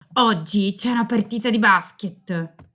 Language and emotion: Italian, angry